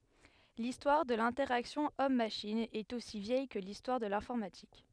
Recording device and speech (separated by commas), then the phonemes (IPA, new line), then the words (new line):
headset microphone, read sentence
listwaʁ də lɛ̃tɛʁaksjɔ̃ ɔmmaʃin ɛt osi vjɛj kə listwaʁ də lɛ̃fɔʁmatik
L'histoire de l'interaction Homme-machine est aussi vieille que l'histoire de l'informatique.